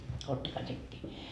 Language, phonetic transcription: Finnish, 'ottakaa 'sekkii .
- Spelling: ottakaa sekin

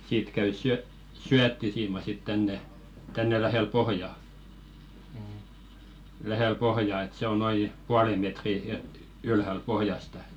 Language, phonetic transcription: Finnish, 'siit käy syö- , "syättisiima sit 'tänne , tänne 'lähèl "pohja , 'lähèl "pohjà et 'se ‿o noi , 'puale metri e- , ylhäl "pohjasta .
- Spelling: siitä käy - syöttisiima sitten tänne tänne lähelle pohjaa lähelle pohjaa että se on noin puolen metrin - ylhäällä pohjasta

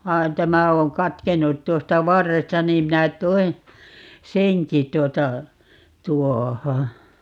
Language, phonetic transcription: Finnish, 'vai̮n "tämä 'oo̰ "katkennut 'tuosta "varresta 'niim 'minä "toin̬ , "seŋki 'tuota , 'tuoho .
- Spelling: vaan tämä on katkennut tuosta varresta niin minä toin senkin tuota tuohon

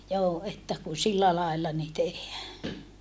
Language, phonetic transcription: Finnish, joo että ku sillä laella ni tehhää .
- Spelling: joo että kun sillä lailla niin tehdään

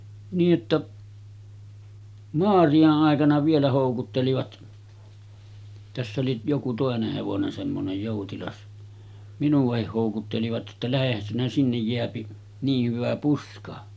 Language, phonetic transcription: Finnish, nii’ ’että , "Moariʲa’ ’àekana 'vielä hòukuttelivat , täss ‿oli , joku 'tòeneh hevonen semmonej 'jòutilas , 'minuᵛahih hòukuttelivat jotta » 'lähehän sinä 'sinnej jeäpi , nii hyvä 'puska « .
- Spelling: niin että Maarian aikana vielä houkuttelivat tässä oli joku toinen hevonen semmoinen joutilas minuakin houkuttelivat jotta lähdehän sinä sinne jää niin hyvä puska

